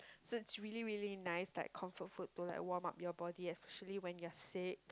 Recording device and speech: close-talking microphone, conversation in the same room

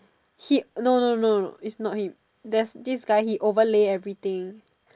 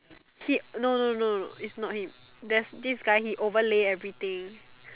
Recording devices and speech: standing microphone, telephone, conversation in separate rooms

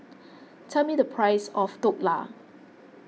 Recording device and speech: mobile phone (iPhone 6), read sentence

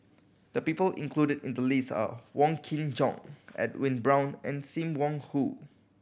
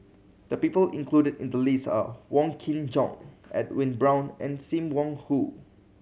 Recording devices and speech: boundary microphone (BM630), mobile phone (Samsung C7100), read sentence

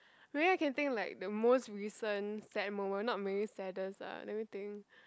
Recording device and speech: close-talking microphone, conversation in the same room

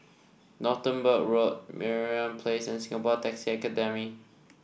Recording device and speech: boundary microphone (BM630), read sentence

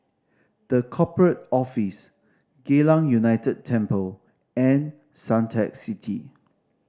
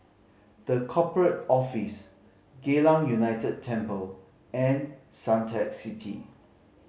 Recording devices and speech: standing microphone (AKG C214), mobile phone (Samsung C5010), read sentence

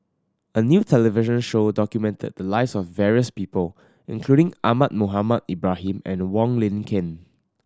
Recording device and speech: standing microphone (AKG C214), read sentence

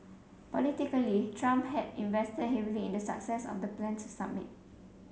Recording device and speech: mobile phone (Samsung C7), read sentence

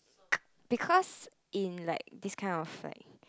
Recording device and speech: close-talking microphone, conversation in the same room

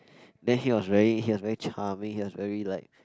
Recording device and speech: close-talking microphone, conversation in the same room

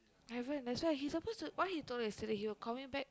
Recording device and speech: close-talking microphone, conversation in the same room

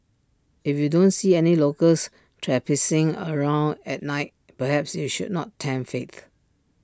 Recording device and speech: standing microphone (AKG C214), read sentence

